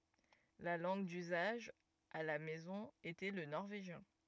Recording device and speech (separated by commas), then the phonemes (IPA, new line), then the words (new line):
rigid in-ear microphone, read sentence
la lɑ̃ɡ dyzaʒ a la mɛzɔ̃ etɛ lə nɔʁveʒjɛ̃
La langue d'usage à la maison était le norvégien.